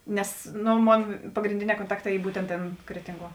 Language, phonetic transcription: Lithuanian, ˈnes ˈno ˈmon pagrinˈdėˌnē konˈtakˌtā ˈy ˈbūtent ˈtėn ˈkretinˌguo

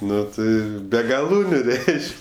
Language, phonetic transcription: Lithuanian, ˈnu ˈtai ˈbe gaˈlūniu ˈreišk'

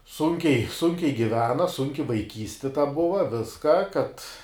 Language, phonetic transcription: Lithuanian, ˈsunkiai ˈsunkiai giˈvena ˈsunki vaiˈkysti ta ˈbuva ˈviska kad

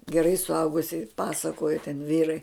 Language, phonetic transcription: Lithuanian, geˈrai suˈaugusi ˈpasakoja ten ˈvyrai

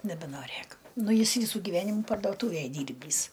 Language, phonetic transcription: Lithuanian, nebenoˈrėk ˈnu ˈjis ˈvysų giˈvenimu pardoˈtūvėj ˈdyrbįs

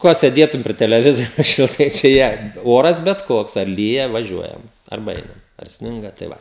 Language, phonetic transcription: Lithuanian, ˈko sėˈdėtum pri teleˈvizijos šilˈtai čia ˈjie ˈoras bet ˈkoks ar ˈlyja vaˈžiuojam arˈba ˈeinam ar ˈsninga tai ˈva

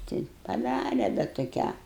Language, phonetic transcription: Lithuanian, ˈti paˈdare bet toˈkią

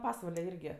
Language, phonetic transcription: Lithuanian, ˈpasvale ˈirgi

